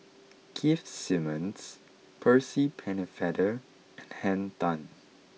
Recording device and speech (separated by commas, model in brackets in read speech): mobile phone (iPhone 6), read sentence